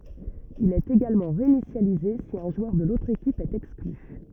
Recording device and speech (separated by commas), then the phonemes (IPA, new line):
rigid in-ear microphone, read sentence
il ɛt eɡalmɑ̃ ʁeinisjalize si œ̃ ʒwœʁ də lotʁ ekip ɛt ɛkskly